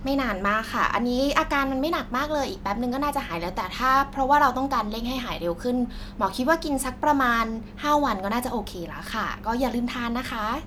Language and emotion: Thai, neutral